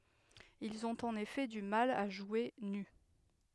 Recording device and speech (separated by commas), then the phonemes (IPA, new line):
headset microphone, read sentence
ilz ɔ̃t ɑ̃n efɛ dy mal a ʒwe ny